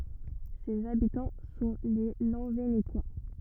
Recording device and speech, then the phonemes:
rigid in-ear microphone, read sentence
sez abitɑ̃ sɔ̃ le lɑ̃venekwa

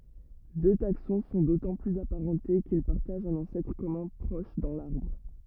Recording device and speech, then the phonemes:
rigid in-ear microphone, read sentence
dø taksɔ̃ sɔ̃ dotɑ̃ plyz apaʁɑ̃te kil paʁtaʒt œ̃n ɑ̃sɛtʁ kɔmœ̃ pʁɔʃ dɑ̃ laʁbʁ

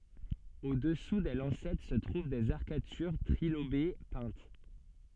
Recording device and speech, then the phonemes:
soft in-ear microphone, read sentence
odɛsu de lɑ̃sɛt sə tʁuv dez aʁkatyʁ tʁilobe pɛ̃t

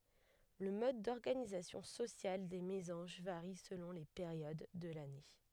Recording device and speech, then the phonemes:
headset microphone, read sentence
lə mɔd dɔʁɡanizasjɔ̃ sosjal de mezɑ̃ʒ vaʁi səlɔ̃ le peʁjod də lane

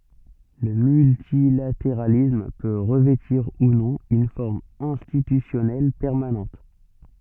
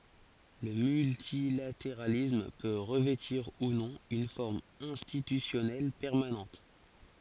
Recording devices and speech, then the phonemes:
soft in-ear microphone, forehead accelerometer, read sentence
lə myltilateʁalism pø ʁəvɛtiʁ u nɔ̃ yn fɔʁm ɛ̃stitysjɔnɛl pɛʁmanɑ̃t

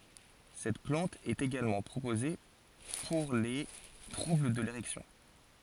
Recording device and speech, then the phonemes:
forehead accelerometer, read sentence
sɛt plɑ̃t ɛt eɡalmɑ̃ pʁopoze puʁ le tʁubl də leʁɛksjɔ̃

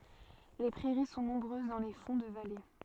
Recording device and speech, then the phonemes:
soft in-ear microphone, read sentence
le pʁɛʁi sɔ̃ nɔ̃bʁøz dɑ̃ le fɔ̃ də vale

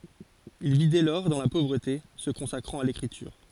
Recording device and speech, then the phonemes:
forehead accelerometer, read sentence
il vi dɛ lɔʁ dɑ̃ la povʁəte sə kɔ̃sakʁɑ̃t a lekʁityʁ

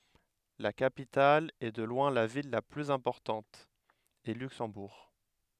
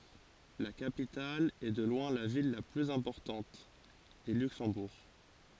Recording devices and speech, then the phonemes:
headset microphone, forehead accelerometer, read sentence
la kapital e də lwɛ̃ la vil la plyz ɛ̃pɔʁtɑ̃t ɛ lyksɑ̃buʁ

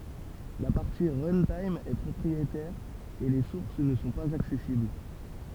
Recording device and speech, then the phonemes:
temple vibration pickup, read sentence
la paʁti ʁœ̃tim ɛ pʁɔpʁietɛʁ e le suʁs nə sɔ̃ paz aksɛsibl

